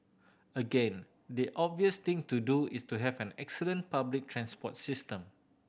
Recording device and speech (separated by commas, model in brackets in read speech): boundary microphone (BM630), read sentence